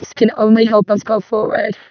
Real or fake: fake